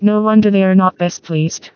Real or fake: fake